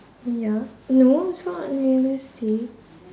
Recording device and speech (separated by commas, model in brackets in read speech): standing microphone, conversation in separate rooms